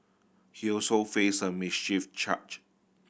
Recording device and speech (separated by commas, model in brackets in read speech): boundary microphone (BM630), read sentence